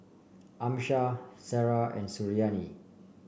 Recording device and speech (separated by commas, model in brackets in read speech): boundary microphone (BM630), read sentence